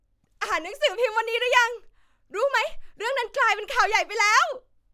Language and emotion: Thai, happy